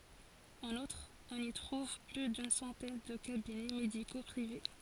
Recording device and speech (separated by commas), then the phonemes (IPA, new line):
forehead accelerometer, read sentence
ɑ̃n utʁ ɔ̃n i tʁuv ply dyn sɑ̃tɛn də kabinɛ mediko pʁive